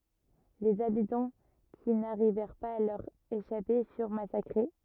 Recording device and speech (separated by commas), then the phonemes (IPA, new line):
rigid in-ear microphone, read sentence
lez abitɑ̃ ki naʁivɛʁ paz a lœʁ eʃape fyʁ masakʁe